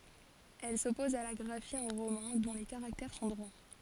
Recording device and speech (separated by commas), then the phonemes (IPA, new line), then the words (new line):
forehead accelerometer, read sentence
ɛl sɔpɔz a la ɡʁafi ɑ̃ ʁomɛ̃ dɔ̃ le kaʁaktɛʁ sɔ̃ dʁwa
Elle s’oppose à la graphie en romain dont les caractères sont droits.